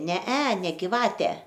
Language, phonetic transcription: Lithuanian, ˈne e ˈne giˈvate

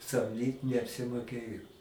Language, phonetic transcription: Lithuanian, samˈdyt neapsimoˈkėjo

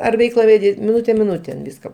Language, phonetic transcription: Lithuanian, ar ˈveikla veˈdi miˈnute miˈnutėn ˈviska

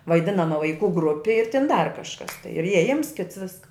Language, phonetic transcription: Lithuanian, vaiˈdina nuo vaiˈkų ˈgrupi ir tin dar kažˈkas ir ieˈjims kits ˈviska

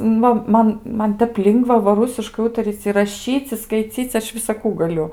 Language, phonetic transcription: Lithuanian, ˈnu ˈman ˈman ˈtep ˈlingva va ˈrusiškai ˈūtaryc' i raˈšyc' i skaiˈcyc' ˈaš visaˈkų gaˈliu

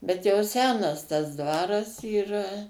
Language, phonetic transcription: Lithuanian, bet jau ˈsenas tas ˈdvaras yˈra

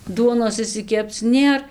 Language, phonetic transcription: Lithuanian, ˈduonos išsiˈkepc ˈnėr

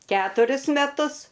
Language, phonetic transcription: Lithuanian, ˈketurius meˈtus

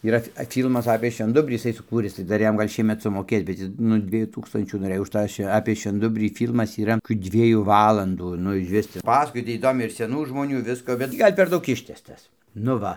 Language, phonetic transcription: Lithuanian, yˈra a ˈfylmas apė švenˈdubrį jiˈsai suˈkūris tai ˈdar ˈjam ˈgal' ˈšiemet sumoˈkės bet ˈjis nu ˈdviejų ˈtūkstančių noˈrɘj už ˈtą šve apė švenˈdubrį ˈfylmas yˈra kių ˈdviejų ˈvalandų ˈnu išˈvis ˈpasakoj ˈtį įˈdomiai ir seˈnų žmoˈnių ˈvisko bet ˈtį ˈgal' per ˈdaug ˈištęstas nu ˈva

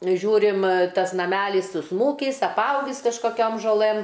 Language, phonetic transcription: Lithuanian, ˈžiūrim ˈtas naˈmælys susˈmūkys apˈaugys kažkoˈkiom žoˈlɘm

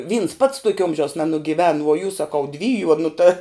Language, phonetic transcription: Lithuanian, vyns pats ˈtuokia ˈomžiaus nenugiˈven vuo jus saˈkau ˈdvyju o nu ta

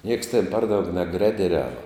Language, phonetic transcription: Lithuanian, nieks ten ˈpar ˈdaug neˈgredeˌriava

